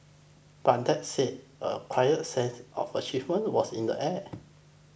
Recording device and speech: boundary microphone (BM630), read sentence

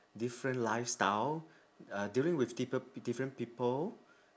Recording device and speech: standing microphone, conversation in separate rooms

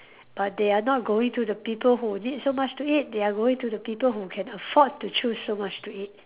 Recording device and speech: telephone, conversation in separate rooms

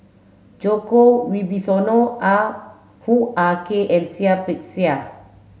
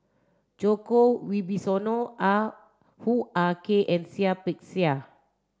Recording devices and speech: mobile phone (Samsung S8), standing microphone (AKG C214), read sentence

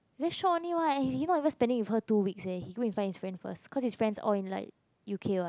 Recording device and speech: close-talking microphone, conversation in the same room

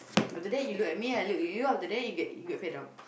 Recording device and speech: boundary microphone, conversation in the same room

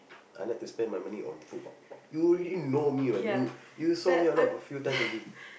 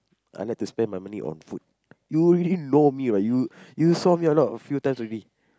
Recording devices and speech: boundary microphone, close-talking microphone, conversation in the same room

